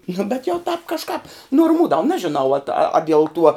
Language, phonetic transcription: Lithuanian, nu bet jau tāp kažˈkāp normūdav ˈnažinau at a diel tuo

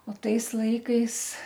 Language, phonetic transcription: Lithuanian, o ˈtais ˈlaikais

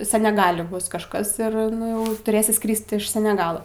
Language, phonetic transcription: Lithuanian, seneˈgali ˈbus kažˈkas ir ˈnu jau tuˈrėsi ˈskryst iš seneˈgalo

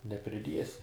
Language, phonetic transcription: Lithuanian, nepriˈdiesi

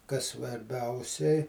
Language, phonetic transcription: Lithuanian, kas svarˈbiausiai

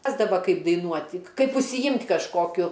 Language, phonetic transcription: Lithuanian, ˈrasdava ˈkaip daiˈnuoti ˈkaip užsiˈjimt' kažˈkokiu

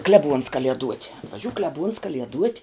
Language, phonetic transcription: Lithuanian, ˈkleˌbuons ˈkalieduot' atvaˈžiū ˈkleˌbūns ˈkalieduot'

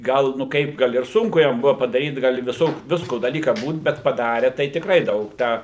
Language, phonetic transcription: Lithuanian, ˈgal nu ˈkaip ˈgal ir ˈsunku ˈjam ˈbuva padaˈryt ˈgal i viˈsokiu ˈvisko daˈlyka ˈbūt ˈbet paˈdare tai tikˈrai ˈdaug ˈtę

